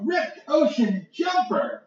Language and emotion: English, happy